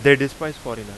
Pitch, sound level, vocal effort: 140 Hz, 94 dB SPL, very loud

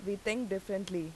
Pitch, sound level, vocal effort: 195 Hz, 85 dB SPL, loud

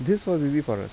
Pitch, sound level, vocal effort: 150 Hz, 84 dB SPL, normal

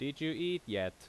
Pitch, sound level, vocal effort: 140 Hz, 88 dB SPL, loud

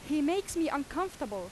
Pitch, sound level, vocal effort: 300 Hz, 92 dB SPL, very loud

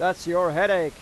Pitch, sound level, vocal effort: 180 Hz, 99 dB SPL, very loud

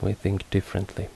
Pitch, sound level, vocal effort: 95 Hz, 70 dB SPL, soft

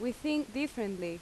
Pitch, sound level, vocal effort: 245 Hz, 84 dB SPL, very loud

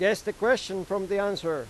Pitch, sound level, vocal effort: 200 Hz, 97 dB SPL, loud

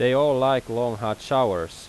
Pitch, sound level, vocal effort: 120 Hz, 91 dB SPL, loud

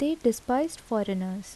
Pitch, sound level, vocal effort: 235 Hz, 76 dB SPL, soft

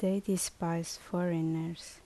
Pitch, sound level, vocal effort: 170 Hz, 73 dB SPL, soft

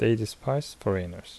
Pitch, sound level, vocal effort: 110 Hz, 75 dB SPL, soft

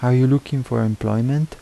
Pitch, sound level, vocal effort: 125 Hz, 80 dB SPL, soft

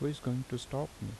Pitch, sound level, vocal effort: 130 Hz, 76 dB SPL, normal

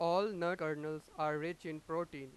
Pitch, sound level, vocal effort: 160 Hz, 99 dB SPL, very loud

